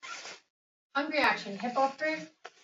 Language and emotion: English, neutral